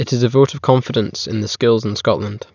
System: none